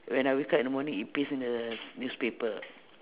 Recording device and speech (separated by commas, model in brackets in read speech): telephone, conversation in separate rooms